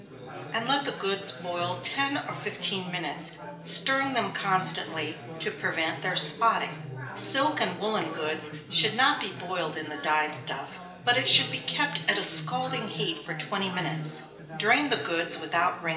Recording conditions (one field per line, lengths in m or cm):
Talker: one person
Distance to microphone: 1.8 m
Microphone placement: close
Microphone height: 1.0 m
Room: large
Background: babble